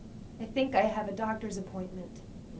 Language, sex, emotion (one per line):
English
female
neutral